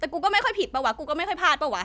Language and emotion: Thai, angry